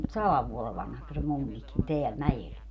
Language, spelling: Finnish, sadan vuoden vanhaksi se mummikin täällä mäellä
- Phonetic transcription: "salav 'vuole 'vanhaks se 'mummikin 'teäl "mäʲel .

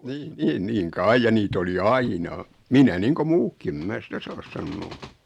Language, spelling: Finnish, niin niin niin kai ja niitä oli aina minä niin kuin muutkin en minä sitä saa sanoa
- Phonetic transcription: 'nii 'niin 'niiŋ "kai ja 'nit ‿oli "aina , 'minä 'niiŋko "muukki em 'mä "sitä 'saas sannoo .

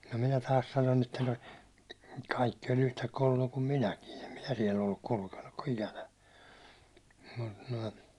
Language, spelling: Finnish, no minä taas sanon että no kaikki oli unta kolloja kuin minäkin en minä siellä ollut kulkenut - ikänä mutta noin
- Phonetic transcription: no 'minä 'taas sanon ‿etta no , 'kaikki oĺ unta 'koĺĺoja kum 'minäkin , em 'minä siɛl ‿olluk 'kulkennuk ko- 'ikänä , mᵊt nᵊi .

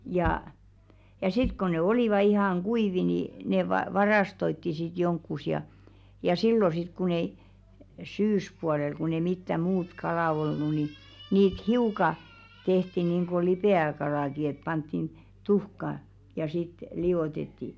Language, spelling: Finnish, ja ja sitten kun ne olivat ihan kuivia niin ne - varastoitiin sitten jonnekin ja ja silloin sitten kun ei syyspuolella kun ei mitään muuta kalaa ollut niin niitä hiukan tehtiin niin kuin lipeäkalaakin että pantiin tuhkaa ja sitten liotettiin
- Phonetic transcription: jà , ja sit ko ne 'olìva ihaŋ 'ɢuivi ni , ne va- "varastoitti sit 'jonkkus ja , ja "sillo sit kun ‿ei , "syyspualel kun ‿ei 'mittä "muut 'kalà olnu ni , 'niit "hiuka 'tenti niiŋ-ɢo "lipè₍äkalàki et panttin , 'tuhka , ja sit , 'li₍òtetti .

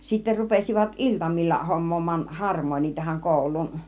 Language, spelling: Finnish, sitten rupesivat iltamilla hommaamaan harmonia tähän kouluun
- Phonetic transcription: sittä rupesivat "ˀiltamil͕l͕a 'hom̆moom̆maan "harmooń̆nii tä-häŋ 'kòul̆luun .

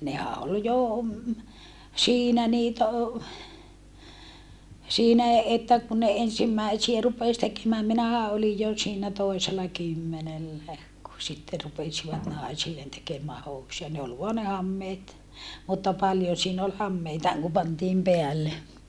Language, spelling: Finnish, nehän oli jo siinä niitä - siinä että kun ne ensimmäisiä rupesi tekemään minähän olin jo siinä toisella kymmenellä kun sitten rupesivat naisille tekemään housuja ne oli vain ne hameet mutta paljon siinä oli hameitakin kun pantiin päälle
- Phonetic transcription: nehä ol jo , siinä niitä o- , siinä̀ että ku ne ensimmäisiä rupes tekemääm minähä olij jo siinä toisela kymmenellää , ku sitte rupesivat nàisillen tekemää housuja ne ol voa ne hammeet , mutta paljon̬ siin ‿ol hammeitaaŋ ku pantiim peälle .

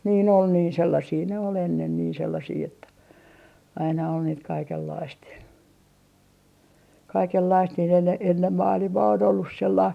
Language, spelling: Finnish, niin oli niin sellaisia ne oli ennen niin sellaisia että aina oli niitä kaikenlaista ja kaikenlaista niin enne enne maailmaa on ollut sellaista
- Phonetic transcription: niin ‿ol niin 'sellasii ne ol ennen nii 'sellasii että , aina ol niit 'kaikellaist ja , "kaikellaist niin enne , ennem 'maalimaa on ollus sellaist .

